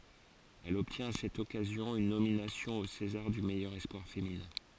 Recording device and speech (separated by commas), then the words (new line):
forehead accelerometer, read sentence
Elle obtient à cette occasion une nomination au César du meilleur espoir féminin.